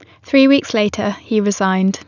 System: none